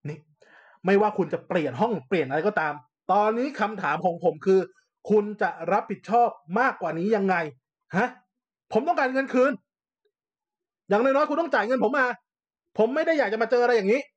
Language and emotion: Thai, angry